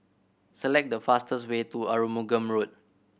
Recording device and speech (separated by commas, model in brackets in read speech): boundary microphone (BM630), read sentence